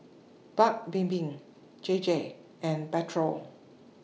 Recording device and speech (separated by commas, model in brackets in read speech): mobile phone (iPhone 6), read sentence